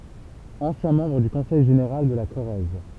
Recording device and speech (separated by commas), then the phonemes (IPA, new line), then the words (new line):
temple vibration pickup, read sentence
ɑ̃sjɛ̃ mɑ̃bʁ dy kɔ̃sɛj ʒeneʁal də la koʁɛz
Ancien membre du Conseil général de la Corrèze.